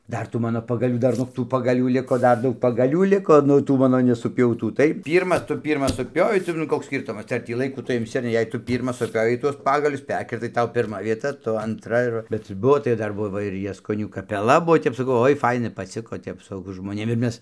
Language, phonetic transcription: Lithuanian, ˈdar tų ˈmano pagaˈlių ˈdar nog ˈtų pagaˈlių ˈliko ˈdar ˈdaug pagaˈlių ˈliko ˈnu ˈtų ˈmano nesuˈpiautų ˈtai ˈpyrmas ˈtu ˈpyrmas suˈpiovei tai nu ˈkoks ˈskyrtumas tai ar ˈtį laiˈkų ˈtu imˈsi ar ˈne jei ˈtu ˈpyrmas suˈpiovei tuos ˈpagalius ˈperkirtai ˈtau pirˈma vieˈta ˈtu antˈra ir ˈva bet ˈbuvo tai ˈdar ˈbuvo ir jaskoˈnių kapeˈla ˈbuo ˈtep saˈkau ˈoi ˈfaina paˈciko ˈtep su žmonėm ir ˈmes

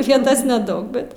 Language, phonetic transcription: Lithuanian, ˈvietas neˈdaug ˈbet

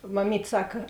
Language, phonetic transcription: Lithuanian, maˈmyt' ˈsaka

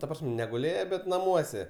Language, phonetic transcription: Lithuanian, ta ˈprasm' neguˈlėje bet naˈmuose

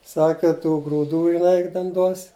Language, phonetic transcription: Lithuanian, ˈsake tų grūˈdų jiˈnai ˈten duos

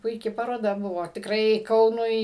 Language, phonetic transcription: Lithuanian, puiˈki paroˈda ˈbuvo tikˈrai ˈkaunui

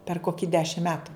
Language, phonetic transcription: Lithuanian, per ˈkoki ˈdešim ˈmetu

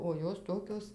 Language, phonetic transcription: Lithuanian, o ˈjos ˈtokios

